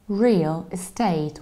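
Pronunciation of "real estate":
'Real estate' is pronounced correctly here, with no s sound at the end of 'estate', and with the stress on the second syllable of 'estate'.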